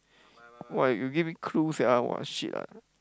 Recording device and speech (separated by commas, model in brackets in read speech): close-talking microphone, conversation in the same room